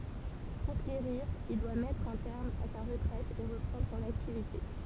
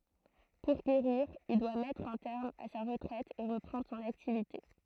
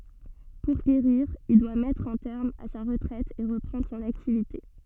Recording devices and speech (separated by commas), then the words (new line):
temple vibration pickup, throat microphone, soft in-ear microphone, read sentence
Pour guérir, il doit mettre un terme à sa retraite et reprendre son activité.